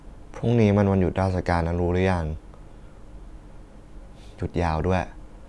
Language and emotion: Thai, neutral